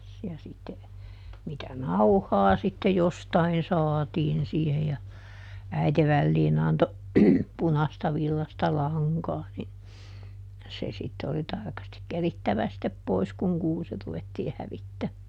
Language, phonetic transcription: Finnish, ja ˈsitte , mitä "nauhaa sitte "jostain ˈsaatiin siihe ja , ˈäite ˈvälliin ‿anto , ˈpunasta ˈvillasta "laŋkaa ni , se sitte oli ˈtarkastik ˈkerittävä sittep ˈpois kuŋ ˈkuusi ruvettii ˈhävittämmää .
- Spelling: ja sitten mitä nauhaa sitten jostakin saatiin siihen ja äiti väliin antoi punaista villaista lankaa niin se sitten oli tarkasti kerittävä sitten pois kun kuusi ruvettiin hävittämään

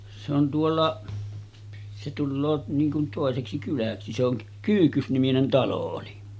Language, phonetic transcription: Finnish, se ‿on 'tuolla’ , se tulloo 'niiŋ kun 'tòeseksi kyläksi , se ‿oŋ 'Kyyhkys-niminen 'talo oli .
- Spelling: se on tuolla se tulee niin kuin toiseksi kyläksi se on Kyyhkys-niminen talo oli

